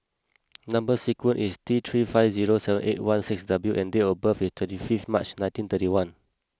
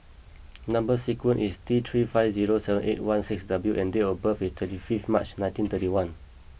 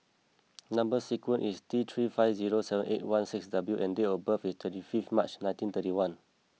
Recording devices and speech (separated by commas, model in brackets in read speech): close-talking microphone (WH20), boundary microphone (BM630), mobile phone (iPhone 6), read sentence